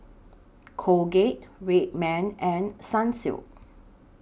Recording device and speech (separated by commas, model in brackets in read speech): boundary microphone (BM630), read sentence